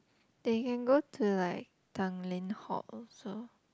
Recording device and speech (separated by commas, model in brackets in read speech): close-talking microphone, conversation in the same room